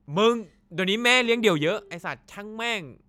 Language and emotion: Thai, angry